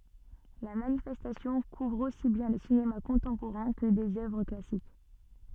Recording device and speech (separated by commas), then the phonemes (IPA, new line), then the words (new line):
soft in-ear microphone, read sentence
la manifɛstasjɔ̃ kuvʁ osi bjɛ̃ lə sinema kɔ̃tɑ̃poʁɛ̃ kə dez œvʁ klasik
La manifestation couvre aussi bien le cinéma contemporain que des œuvres classiques.